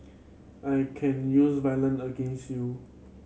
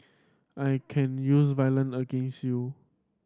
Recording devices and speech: mobile phone (Samsung C7100), standing microphone (AKG C214), read sentence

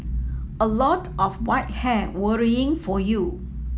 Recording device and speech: mobile phone (iPhone 7), read sentence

